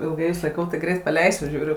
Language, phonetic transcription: Lithuanian, ilˈgai jus laiˈkau tai ˈgreit paˈleisiu ˈžiūriu

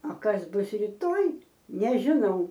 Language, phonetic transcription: Lithuanian, o ˈkas ˈbus ryˈtoj nežiˈnau

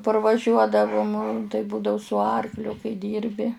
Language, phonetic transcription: Lithuanian, parvaˈžiuodavum tai ˈbūdau su ˈarkliu kai ˈdyrbi

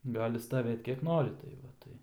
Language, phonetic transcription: Lithuanian, ˈgali staˈvėt kiek ˈnori tai ˈva ˈtai

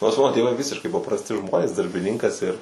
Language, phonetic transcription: Lithuanian, nors ˈmano tėˈvai ˈvisiškai paprasˈti ˈžmonės darbiˈninkas ir

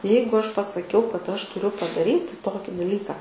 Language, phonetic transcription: Lithuanian, ˈjeigu ˈaš pasaˈkiau kad ˈaš tuˈriu padaˈryti ˈtoki daˈlyką

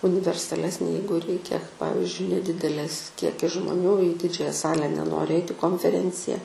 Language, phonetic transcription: Lithuanian, universaˈlesnė ˈjeigu ˈreikia ˈpavizdžiui neˈdidelės ˈkiekis žmoˈnių į ˈdidžiąja ˈsale neˈnori ˈeiti konfeˈrencija

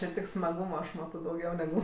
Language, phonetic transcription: Lithuanian, čia ˈtik smaˈgūma aš ˈmato dauˈgiau neˈgu

